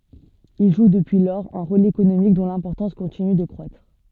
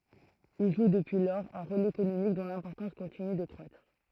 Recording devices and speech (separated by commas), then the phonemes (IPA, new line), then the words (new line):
soft in-ear microphone, throat microphone, read sentence
il ʒu dəpyi lɔʁz œ̃ ʁol ekonomik dɔ̃ lɛ̃pɔʁtɑ̃s kɔ̃tiny də kʁwatʁ
Il joue depuis lors un rôle économique dont l'importance continue de croître.